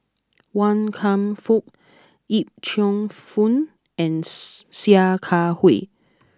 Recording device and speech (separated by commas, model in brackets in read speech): close-talking microphone (WH20), read sentence